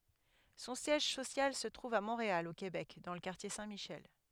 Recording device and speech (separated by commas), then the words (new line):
headset microphone, read sentence
Son siège social se trouve à Montréal, au Québec, dans le quartier Saint-Michel.